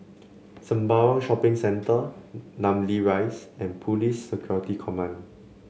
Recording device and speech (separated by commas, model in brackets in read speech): mobile phone (Samsung C7), read sentence